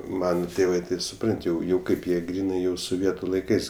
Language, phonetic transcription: Lithuanian, ˈmana ˈtėvɜ tai suˈprant' jau ˈkaip jie ˈgrynai jau soˈvietu laiˈkais

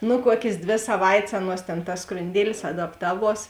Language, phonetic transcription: Lithuanian, nu ˈkuokės ˈdvė saˈvait's' ˈaˌnuos tėn tas skrunˈdielis adapˈtaˌvuos

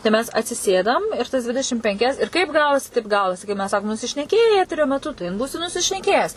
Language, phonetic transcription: Lithuanian, tai ˈmes atsiˈsėdam ir ˈtas ˈdvidešim penˈkias ir ˈkaip ˈgavosi ˈtaip ˈgavosi kaip ˈmes ˈsakom nusišneˈkėjai ˈeterio meˈtu tai in ˈbūsi nusišneˈkėjes

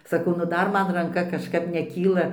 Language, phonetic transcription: Lithuanian, saˈkau nu ˈdar ˈman ranˈka kažˈkap neˈkyla

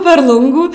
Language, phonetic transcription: Lithuanian, per ˈlungų

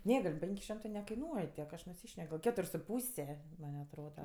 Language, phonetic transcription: Lithuanian, ˈne gal' ˈpenk' ˈšimtɜ nekaiˈnuoj tiek aš nuˈsyšnek gal ˈketur' su ˈpūse man' atˈroda

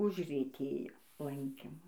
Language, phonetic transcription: Lithuanian, užrieˈtėjo ˈlankimu

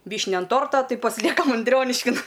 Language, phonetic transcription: Lithuanian, ˈvyšnia an ˈtorto ˈtai pasiˈliekam anˈdrioniškin

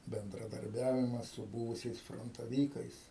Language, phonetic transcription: Lithuanian, bendraˈdarbiavimas su ˈbūvusiais frontaˈvykais

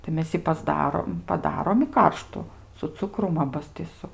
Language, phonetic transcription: Lithuanian, tai ˈmes ji pasˈdarom paˈdarom i ˈkarštu su ˈcukrum ˈabas ti su

